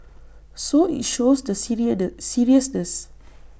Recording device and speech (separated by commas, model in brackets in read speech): boundary microphone (BM630), read sentence